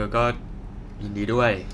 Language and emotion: Thai, neutral